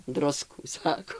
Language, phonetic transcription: Lithuanian, ˈdruskų ˈsako

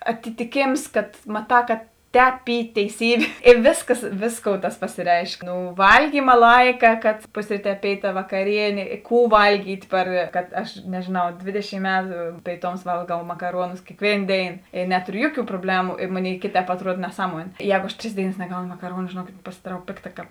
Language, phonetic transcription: Lithuanian, atitiˈkėms kad ˈmaˌtā ka ˈtēp ˈy teiˈsybė i ˈvėsˌkas ˈvėsˌkou tas pasėˈreišk ˈnū ˈvalˌgyma ˈlaika kad ˈpusryˌtē ˈpėiˌtā vakaˈrienė ˈkų ˈvalˌgyt' ˈpar kad aš nežėˈnau ˈdvėdeˌšym ˈmetu pėiˈtums ˈvalgau makaˈruonus kėkˈvėin ˈdėin i ˈnetoriu ˈjuoˌkių probˈlemu i ˈmoˌnėi ˈkėˌtēp atˈruod neˈsaˌmuonė ˈjego aš ˈtris ˈdėiˌnas neˈgauno makaˈruonu žėˈnuokėt pasidaˈrau ˈpėkˌta kāp

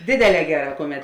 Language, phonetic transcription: Lithuanian, ˈdėdėˌlē ˈgeˌrā ˈkuˌmet

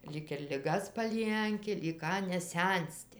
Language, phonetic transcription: Lithuanian, ˈlyg ir liˈgas paˈlienki lyg ˈką neˈsensti

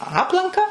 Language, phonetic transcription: Lithuanian, ˈaplanka

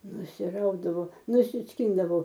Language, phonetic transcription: Lithuanian, nusiˈraudavo nusisˈkindavo

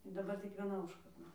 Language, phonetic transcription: Lithuanian, daˈbar tik vieˈna ˈužkarda

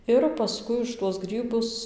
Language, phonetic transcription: Lithuanian, ir paˈskui už tuos ˈgrybus

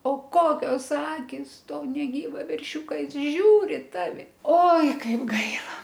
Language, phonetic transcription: Lithuanian, o ˈkokios ˈakis ˈto neˈgyvą verˈšiūka ˈjis ˈžiūri i ˈtavi ˈoi ˈkaip ˈgaila

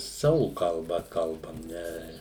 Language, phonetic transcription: Lithuanian, ˈsavu kalˈba ˈkalbam ˈne

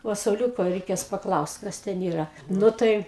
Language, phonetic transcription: Lithuanian, ˈva sauˈliūko reiˈkės paˈklaust ˈkas ten ˈyra ˈnu tai

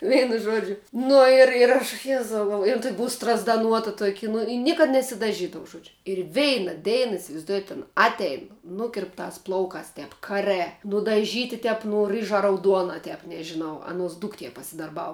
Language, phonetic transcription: Lithuanian, ˈveinu ˈžuodžiu ˈnu ir ir ˈaš ˈjezau galˈvo ir ˈtuoki ˈbuu strazdaˈnuota ˈtuoki nu i ˈniekad nesidaˈžydau ˈžodžiu ir ˈveina ˈdeina isivaizˈduojat ˈana ˈatein ˈnukirptās ˈplaukās ˈtep kaˈrɜ nudaˈžyti ˈtep nu ˈrɨža rauˈduona ˈtep nežiˈnau ˈanuos ˈduktie pasidarˈbau

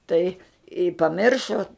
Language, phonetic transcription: Lithuanian, ˈtai i paˈmiršo

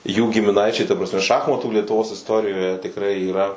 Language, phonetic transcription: Lithuanian, jų gimiˈnaičiai ta prasˈme ˈšachmatų lietuˈvos isˈtorijoje tikˈrai yˈra

